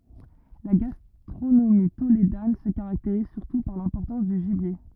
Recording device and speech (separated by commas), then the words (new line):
rigid in-ear microphone, read sentence
La gastronomie tolédane se caractérise surtout par l'importance du gibier.